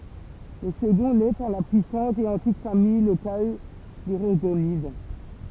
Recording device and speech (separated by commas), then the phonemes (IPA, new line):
temple vibration pickup, read sentence
lə səɡɔ̃ lɛ paʁ la pyisɑ̃t e ɑ̃tik famij lokal de ʁɔʁɡonid